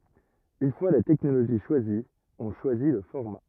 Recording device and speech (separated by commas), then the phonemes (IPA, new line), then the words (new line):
rigid in-ear microphone, read sentence
yn fwa la tɛknoloʒi ʃwazi ɔ̃ ʃwazi lə fɔʁma
Une fois la technologie choisie, on choisit le format.